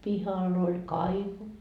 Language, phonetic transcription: Finnish, "pihal ‿oĺ "kaivo .
- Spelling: pihalla oli kaivo

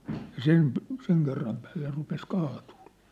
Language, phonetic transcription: Finnish, ja 'sem p- , 'seŋ kerram päälle rupes 'kaatᴜᴜ(ʟᴇᴇ) .
- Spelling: ja sen - sen kerran päälle rupesi kaatuilemaan

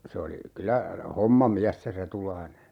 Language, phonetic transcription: Finnish, se oli , 'kylä , "hommamiäs se 'Retulaine .
- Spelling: se oli kyllä hommamies se Retulainen

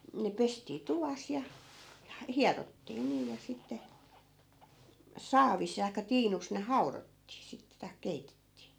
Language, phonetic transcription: Finnish, ne 'pestii 'tuvas ja , ja "hiarottii nii ja 'sitte , 'saavis taikka 'tiinus ne "hau̬rottii sittᵉ tai̮k̆ 'keitettii .
- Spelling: ne pestiin tuvassa ja ja hierottiin niin ja sitten saavissa tai tiinussa ne haudottiin sitten tai keitettiin

